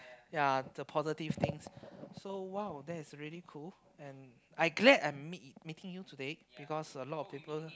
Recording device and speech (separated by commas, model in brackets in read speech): close-talking microphone, conversation in the same room